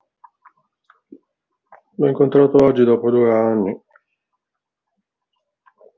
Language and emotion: Italian, sad